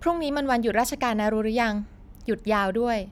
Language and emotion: Thai, neutral